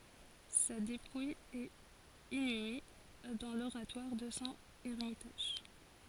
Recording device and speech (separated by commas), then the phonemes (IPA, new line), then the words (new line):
forehead accelerometer, read sentence
sa depuj ɛt inyme dɑ̃ loʁatwaʁ də sɔ̃ ɛʁmitaʒ
Sa dépouille est inhumée dans l'oratoire de son ermitage.